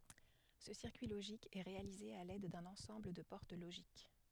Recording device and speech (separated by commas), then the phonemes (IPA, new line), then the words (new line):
headset microphone, read sentence
sə siʁkyi loʒik ɛ ʁealize a lɛd dœ̃n ɑ̃sɑ̃bl də pɔʁt loʒik
Ce circuit logique est réalisé à l'aide d'un ensemble de portes logiques.